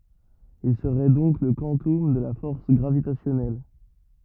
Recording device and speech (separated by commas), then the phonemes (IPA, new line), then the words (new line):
rigid in-ear microphone, read sentence
il səʁɛ dɔ̃k lə kwɑ̃tɔm də la fɔʁs ɡʁavitasjɔnɛl
Il serait donc le quantum de la force gravitationnelle.